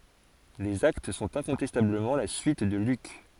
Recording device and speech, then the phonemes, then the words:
forehead accelerometer, read sentence
lez akt sɔ̃t ɛ̃kɔ̃tɛstabləmɑ̃ la syit də lyk
Les Actes sont incontestablement la suite de Luc.

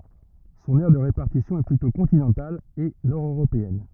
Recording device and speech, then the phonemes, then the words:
rigid in-ear microphone, read sentence
sɔ̃n ɛʁ də ʁepaʁtisjɔ̃ ɛ plytɔ̃ kɔ̃tinɑ̃tal e nɔʁdøʁopeɛn
Son aire de répartition est plutôt continentale et nord-européenne.

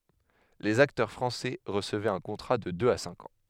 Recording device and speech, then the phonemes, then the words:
headset microphone, read sentence
lez aktœʁ fʁɑ̃sɛ ʁəsəvɛt œ̃ kɔ̃tʁa də døz a sɛ̃k ɑ̃
Les acteurs français recevaient un contrat de deux à cinq ans.

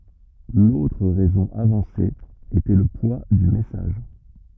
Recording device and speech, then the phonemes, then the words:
rigid in-ear microphone, read sentence
lotʁ ʁɛzɔ̃ avɑ̃se etɛ lə pwa dy mɛsaʒ
L'autre raison avancée était le poids du message.

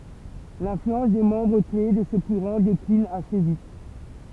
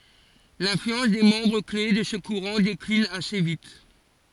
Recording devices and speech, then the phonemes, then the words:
temple vibration pickup, forehead accelerometer, read sentence
lɛ̃flyɑ̃s de mɑ̃bʁ kle də sə kuʁɑ̃ deklin ase vit
L’influence des membres clés de ce courant décline assez vite.

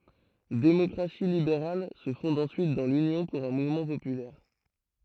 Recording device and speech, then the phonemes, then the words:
throat microphone, read sentence
demɔkʁasi libeʁal sə fɔ̃d ɑ̃syit dɑ̃ lynjɔ̃ puʁ œ̃ muvmɑ̃ popylɛʁ
Démocratie libérale se fonde ensuite dans l'Union pour un mouvement populaire.

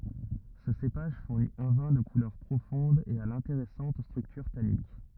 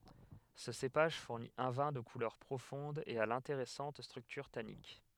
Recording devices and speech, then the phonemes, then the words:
rigid in-ear microphone, headset microphone, read sentence
sə sepaʒ fuʁni œ̃ vɛ̃ də kulœʁ pʁofɔ̃d e a lɛ̃teʁɛsɑ̃t stʁyktyʁ tanik
Ce cépage fournit un vin de couleur profonde et à l’intéressante structure tannique.

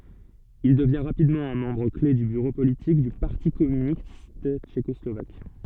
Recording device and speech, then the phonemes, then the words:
soft in-ear microphone, read sentence
il dəvjɛ̃ ʁapidmɑ̃ œ̃ mɑ̃bʁ kle dy byʁo politik dy paʁti kɔmynist tʃekɔslovak
Il devient rapidement un membre clef du bureau politique du Parti communiste tchécoslovaque.

